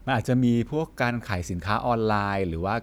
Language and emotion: Thai, neutral